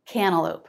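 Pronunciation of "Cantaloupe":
In 'cantaloupe', the T is dropped: only the N is pronounced, with no T after it.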